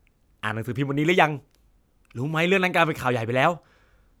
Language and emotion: Thai, happy